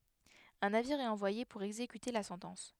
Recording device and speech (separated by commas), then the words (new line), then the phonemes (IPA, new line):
headset microphone, read sentence
Un navire est envoyé pour exécuter la sentence.
œ̃ naviʁ ɛt ɑ̃vwaje puʁ ɛɡzekyte la sɑ̃tɑ̃s